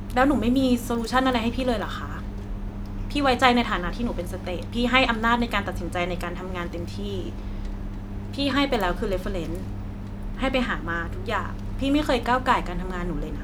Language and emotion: Thai, frustrated